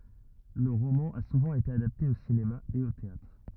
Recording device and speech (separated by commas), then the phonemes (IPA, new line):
rigid in-ear microphone, read sentence
lə ʁomɑ̃ a suvɑ̃ ete adapte o sinema e o teatʁ